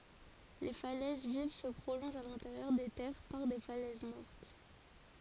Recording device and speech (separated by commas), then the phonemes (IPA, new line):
forehead accelerometer, read sentence
le falɛz viv sə pʁolɔ̃ʒt a lɛ̃teʁjœʁ de tɛʁ paʁ de falɛz mɔʁt